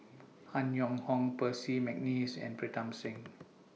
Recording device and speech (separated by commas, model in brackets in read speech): mobile phone (iPhone 6), read sentence